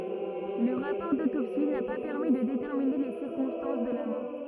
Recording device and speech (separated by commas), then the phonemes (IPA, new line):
rigid in-ear microphone, read sentence
lə ʁapɔʁ dotopsi na pa pɛʁmi də detɛʁmine le siʁkɔ̃stɑ̃s də la mɔʁ